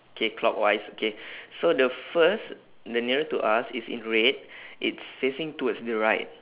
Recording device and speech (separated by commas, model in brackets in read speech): telephone, conversation in separate rooms